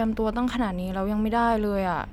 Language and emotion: Thai, frustrated